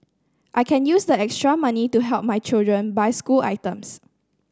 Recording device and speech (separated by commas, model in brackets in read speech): standing microphone (AKG C214), read sentence